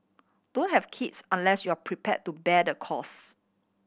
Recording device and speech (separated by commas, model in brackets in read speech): boundary microphone (BM630), read sentence